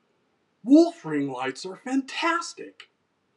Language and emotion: English, surprised